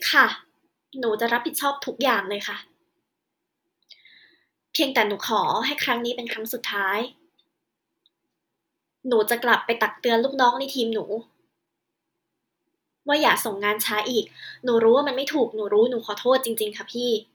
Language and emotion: Thai, sad